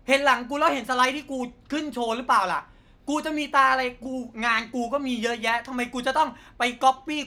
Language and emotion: Thai, angry